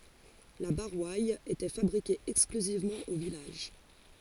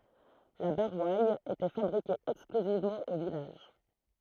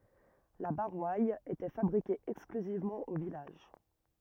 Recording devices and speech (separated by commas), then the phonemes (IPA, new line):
forehead accelerometer, throat microphone, rigid in-ear microphone, read sentence
la boʁwal etɛ fabʁike ɛksklyzivmɑ̃ o vilaʒ